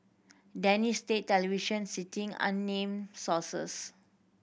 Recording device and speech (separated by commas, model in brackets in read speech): boundary microphone (BM630), read sentence